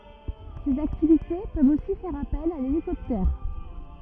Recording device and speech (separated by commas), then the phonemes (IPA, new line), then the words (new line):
rigid in-ear microphone, read sentence
sez aktivite pøvt osi fɛʁ apɛl a lelikɔptɛʁ
Ces activités peuvent aussi faire appel à l'hélicoptère.